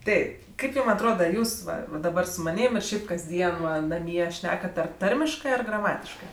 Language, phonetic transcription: Lithuanian, ˈteip ˈkaip ˈjūm atˈroda ˈjūs ˈva va daˈbar su maˈnym ir ˈšiaip kasˈdien ˈva naˈmie ˈšnekat ˈar ˈtarmiškɜ ar graˈmatiškɜ

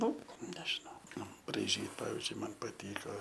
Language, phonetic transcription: Lithuanian, ˈnu ˈnežinau ˈnu braiˈžyt ˈpavizdžiui ˈman paˈtyko

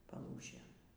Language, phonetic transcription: Lithuanian, paˈlūšėn

